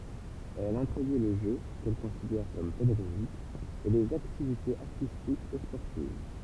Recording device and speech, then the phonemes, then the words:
temple vibration pickup, read sentence
ɛl ɛ̃tʁodyi lə ʒø kɛl kɔ̃sidɛʁ kɔm pedaɡoʒik e lez aktivitez aʁtistikz e spɔʁtiv
Elle introduit le jeu, qu'elle considère comme pédagogique, et les activités artistiques et sportives.

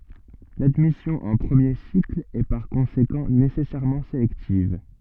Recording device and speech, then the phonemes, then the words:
soft in-ear microphone, read sentence
ladmisjɔ̃ ɑ̃ pʁəmje sikl ɛ paʁ kɔ̃sekɑ̃ nesɛsɛʁmɑ̃ selɛktiv
L'admission en premier cycle est par conséquent nécessairement sélective.

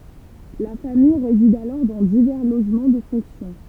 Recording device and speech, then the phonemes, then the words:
temple vibration pickup, read sentence
la famij ʁezid alɔʁ dɑ̃ divɛʁ loʒmɑ̃ də fɔ̃ksjɔ̃
La famille réside alors dans divers logements de fonction.

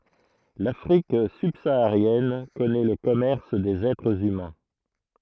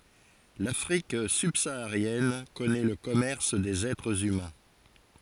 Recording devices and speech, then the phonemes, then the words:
throat microphone, forehead accelerometer, read sentence
lafʁik sybsaaʁjɛn kɔnɛ lə kɔmɛʁs dez ɛtʁz ymɛ̃
L'Afrique subsaharienne connaît le commerce des êtres humains.

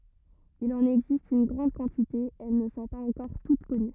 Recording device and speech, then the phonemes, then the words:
rigid in-ear microphone, read sentence
il ɑ̃n ɛɡzist yn ɡʁɑ̃d kɑ̃tite e ɛl nə sɔ̃ paz ɑ̃kɔʁ tut kɔny
Il en existe une grande quantité et elles ne sont pas encore toutes connues.

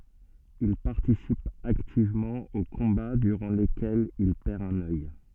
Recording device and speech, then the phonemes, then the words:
soft in-ear microphone, read sentence
il paʁtisip aktivmɑ̃ o kɔ̃ba dyʁɑ̃ lekɛlz il pɛʁ œ̃n œj
Il participe activement aux combats durant lesquels il perd un œil.

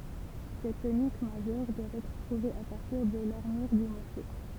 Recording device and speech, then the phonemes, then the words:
temple vibration pickup, read sentence
sɛt tonik maʒœʁ dwa ɛtʁ tʁuve a paʁtiʁ də laʁmyʁ dy mɔʁso
Cette tonique majeure doit être trouvée à partir de l'armure du morceau.

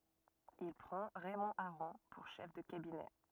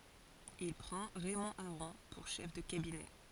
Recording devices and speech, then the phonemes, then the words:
rigid in-ear microphone, forehead accelerometer, read sentence
il pʁɑ̃ ʁɛmɔ̃ aʁɔ̃ puʁ ʃɛf də kabinɛ
Il prend Raymond Aron pour chef de cabinet.

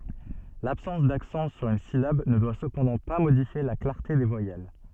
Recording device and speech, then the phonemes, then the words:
soft in-ear microphone, read sentence
labsɑ̃s daksɑ̃ syʁ yn silab nə dwa səpɑ̃dɑ̃ pa modifje la klaʁte de vwajɛl
L'absence d'accent sur une syllabe ne doit cependant pas modifier la clarté des voyelles.

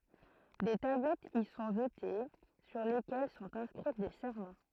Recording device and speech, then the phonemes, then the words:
throat microphone, read sentence
de tablɛtz i sɔ̃ ʒəte syʁ lekɛl sɔ̃t ɛ̃skʁi de sɛʁmɑ̃
Des tablettes y sont jetées, sur lesquelles sont inscrits des serments.

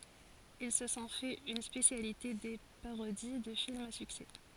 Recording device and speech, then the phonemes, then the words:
forehead accelerometer, read sentence
il sə sɔ̃ fɛt yn spesjalite de paʁodi də filmz a syksɛ
Ils se sont fait une spécialité des parodies de films à succès.

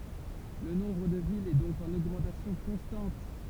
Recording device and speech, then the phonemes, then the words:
temple vibration pickup, read sentence
lə nɔ̃bʁ də vilz ɛ dɔ̃k ɑ̃n oɡmɑ̃tasjɔ̃ kɔ̃stɑ̃t
Le nombre de villes est donc en augmentation constante.

